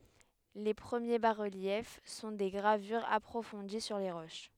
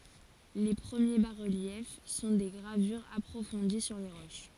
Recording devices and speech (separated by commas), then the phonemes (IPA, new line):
headset microphone, forehead accelerometer, read sentence
le pʁəmje basʁəljɛf sɔ̃ de ɡʁavyʁz apʁofɔ̃di syʁ le ʁoʃ